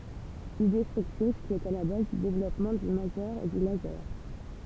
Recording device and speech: temple vibration pickup, read sentence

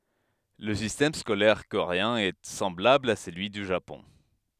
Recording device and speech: headset microphone, read sentence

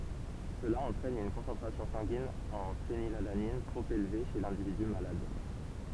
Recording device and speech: temple vibration pickup, read sentence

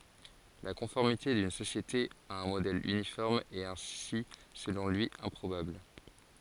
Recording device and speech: forehead accelerometer, read sentence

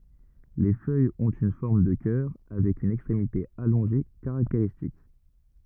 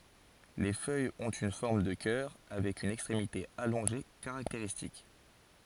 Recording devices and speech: rigid in-ear microphone, forehead accelerometer, read sentence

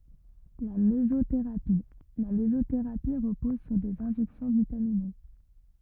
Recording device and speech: rigid in-ear microphone, read sentence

